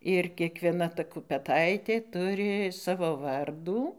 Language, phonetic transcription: Lithuanian, ir kiekvieˈna ˈta kupeˈtaitė ˈturi ˈsavo ˈvardų

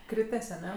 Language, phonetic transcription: Lithuanian, ˈkrites aˈne

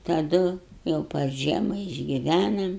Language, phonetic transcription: Lithuanian, taˈdu jau par ˈžiema išgiˈvænam

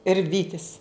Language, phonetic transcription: Lithuanian, ir ˈvytis

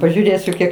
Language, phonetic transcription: Lithuanian, pažiūˈrėsiu ˈkiek

